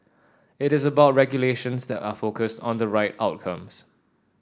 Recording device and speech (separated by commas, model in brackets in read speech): standing microphone (AKG C214), read sentence